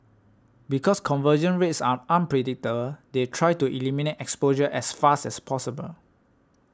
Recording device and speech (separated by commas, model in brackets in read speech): standing microphone (AKG C214), read sentence